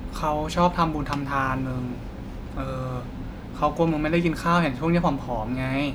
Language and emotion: Thai, neutral